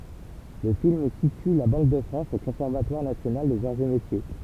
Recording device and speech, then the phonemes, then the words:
temple vibration pickup, read sentence
lə film sity la bɑ̃k də fʁɑ̃s o kɔ̃sɛʁvatwaʁ nasjonal dez aʁz e metje
Le film situe la Banque de France au Conservatoire national des arts et métiers.

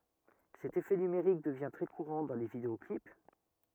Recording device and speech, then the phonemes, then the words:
rigid in-ear microphone, read sentence
sɛt efɛ nymeʁik dəvjɛ̃ tʁɛ kuʁɑ̃ dɑ̃ le videɔklip
Cet effet numérique devient très courant dans les vidéo-clips.

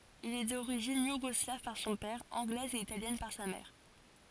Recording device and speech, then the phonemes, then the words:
forehead accelerometer, read sentence
il ɛ doʁiʒin juɡɔslav paʁ sɔ̃ pɛʁ ɑ̃ɡlɛz e italjɛn paʁ sa mɛʁ
Il est d'origine yougoslave par son père, anglaise et italienne par sa mère.

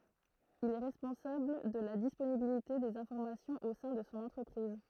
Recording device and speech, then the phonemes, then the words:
throat microphone, read sentence
il ɛ ʁɛspɔ̃sabl də la disponibilite dez ɛ̃fɔʁmasjɔ̃z o sɛ̃ də sɔ̃ ɑ̃tʁəpʁiz
Il est responsable de la disponibilité des informations au sein de son entreprise.

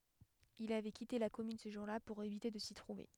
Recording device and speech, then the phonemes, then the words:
headset microphone, read sentence
il avɛ kite la kɔmyn sə ʒuʁ la puʁ evite də si tʁuve
Il avait quitté la commune ce jour-là pour éviter de s’y trouver.

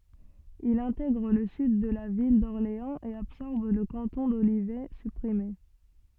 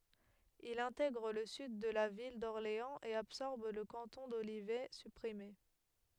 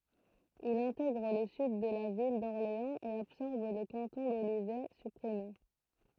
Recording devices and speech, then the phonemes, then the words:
soft in-ear microphone, headset microphone, throat microphone, read sentence
il ɛ̃tɛɡʁ lə syd də la vil dɔʁleɑ̃z e absɔʁb lə kɑ̃tɔ̃ dolivɛ sypʁime
Il intègre le Sud de la ville d'Orléans et absorbe le canton d'Olivet, supprimé.

